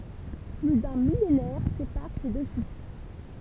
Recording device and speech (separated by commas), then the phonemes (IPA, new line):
temple vibration pickup, read sentence
ply dœ̃ milenɛʁ sepaʁ se dø fil